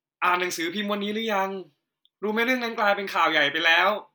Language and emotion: Thai, happy